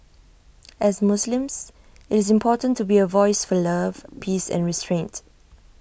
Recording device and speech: boundary microphone (BM630), read sentence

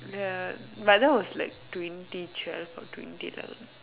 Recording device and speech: telephone, conversation in separate rooms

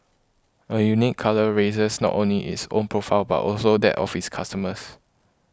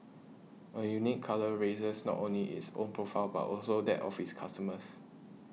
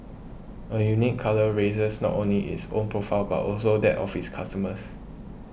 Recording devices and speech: close-talking microphone (WH20), mobile phone (iPhone 6), boundary microphone (BM630), read sentence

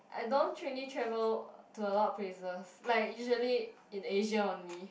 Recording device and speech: boundary microphone, conversation in the same room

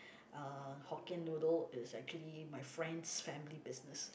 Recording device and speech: boundary microphone, conversation in the same room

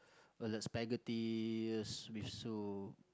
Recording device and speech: close-talking microphone, conversation in the same room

